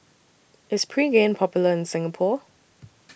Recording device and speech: boundary microphone (BM630), read sentence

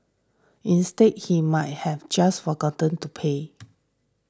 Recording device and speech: standing microphone (AKG C214), read sentence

